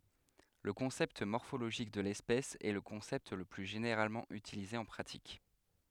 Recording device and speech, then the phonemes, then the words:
headset microphone, read sentence
lə kɔ̃sɛpt mɔʁfoloʒik də lɛspɛs ɛ lə kɔ̃sɛpt lə ply ʒeneʁalmɑ̃ ytilize ɑ̃ pʁatik
Le concept morphologique de l'espèce est le concept le plus généralement utilisé en pratique.

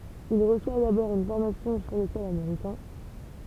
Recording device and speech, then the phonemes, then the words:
temple vibration pickup, read sentence
il ʁəswa dabɔʁ yn fɔʁmasjɔ̃ syʁ lə sɔl ameʁikɛ̃
Il reçoit d’abord une formation sur le sol américain.

